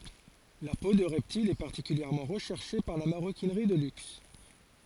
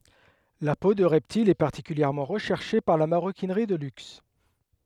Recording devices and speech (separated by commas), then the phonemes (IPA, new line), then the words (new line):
forehead accelerometer, headset microphone, read sentence
la po də ʁɛptilz ɛ paʁtikyljɛʁmɑ̃ ʁəʃɛʁʃe paʁ la maʁokinʁi də lyks
La peau de reptiles est particulièrement recherchée par la maroquinerie de luxe.